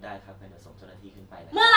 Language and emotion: Thai, neutral